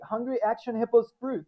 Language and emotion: English, fearful